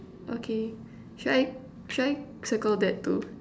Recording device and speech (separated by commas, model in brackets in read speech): standing microphone, conversation in separate rooms